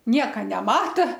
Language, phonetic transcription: Lithuanian, ˈnieka neˈmata

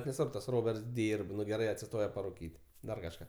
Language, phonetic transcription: Lithuanian, neˈsvarb tas ˈroberts ˈdyrb ˈnu geˈrai atsiˈstoja paruˈkyt' ˈdar kažˈką

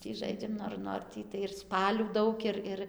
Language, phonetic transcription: Lithuanian, ˈtį ˈžaidžiam ˈnor ˈnor tį tai ir ˈspalių ˈdaug ir ˈir

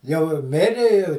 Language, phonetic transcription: Lithuanian, jau i ˈmiri i

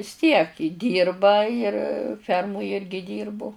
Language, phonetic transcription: Lithuanian, vis tiek i ˈdyrba ir ˈfermuj ˈirgi ˈdyrbu

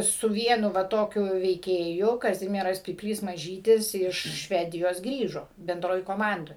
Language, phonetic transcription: Lithuanian, su ˈvienu va ˈtokiu veiˈkėju kaˈzimieras pypˈlys maˈžytis ˈiš ˈšvedijos ˈgrįžo benˈdroj koˈmandoj

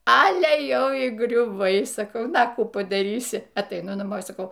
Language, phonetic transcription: Lithuanian, ˈale ˈjau y griuˈvai saˈkau ˈna a ˈkų padaˈrysi ataiˈnu naˈmo saˈkau

